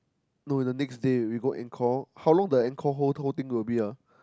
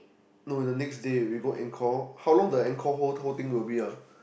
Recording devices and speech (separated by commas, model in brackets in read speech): close-talking microphone, boundary microphone, conversation in the same room